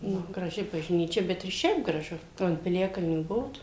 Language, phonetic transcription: Lithuanian, ˈnu graˈži bažˈnyčia ˈbet ir ˈšiaip graˈžu ˈo ant piˈliakalnių ˈbuvot

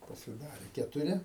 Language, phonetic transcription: Lithuanian, pasiˈdarė ketuˈri

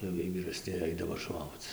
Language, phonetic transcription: Lithuanian, jau ˈjiej vyraˈsni ˈaidavo ˈšokc

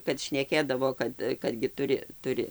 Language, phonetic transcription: Lithuanian, kad šneˈkėdavo ˈkad kad gi ˈturi ˈturi

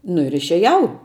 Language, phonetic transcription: Lithuanian, nu ir išeˈjau

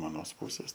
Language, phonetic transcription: Lithuanian, aˈnos ˈpūsės

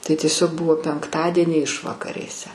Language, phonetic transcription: Lithuanian, tai tieˈsiog ˈbuvo penkˈtadienį ˈišvakarėse

